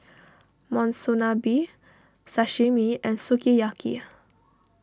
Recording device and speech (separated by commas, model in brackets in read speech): standing microphone (AKG C214), read sentence